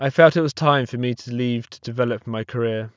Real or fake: real